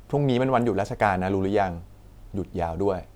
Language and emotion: Thai, neutral